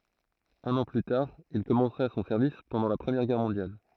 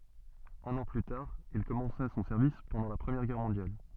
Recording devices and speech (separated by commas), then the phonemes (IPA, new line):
throat microphone, soft in-ear microphone, read sentence
œ̃n ɑ̃ ply taʁ il kɔmɑ̃sa sɔ̃ sɛʁvis pɑ̃dɑ̃ la pʁəmjɛʁ ɡɛʁ mɔ̃djal